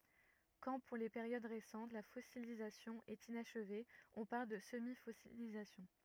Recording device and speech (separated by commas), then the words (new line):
rigid in-ear microphone, read sentence
Quand, pour les périodes récentes, la fossilisation est inachevée, on parle de semi-fossilisation.